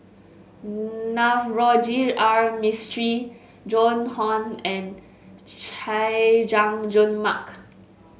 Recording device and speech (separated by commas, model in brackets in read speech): mobile phone (Samsung S8), read sentence